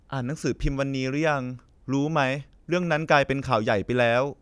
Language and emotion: Thai, frustrated